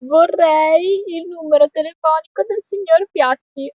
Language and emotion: Italian, sad